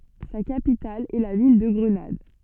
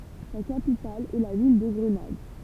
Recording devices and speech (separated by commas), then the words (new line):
soft in-ear microphone, temple vibration pickup, read sentence
Sa capitale est la ville de Grenade.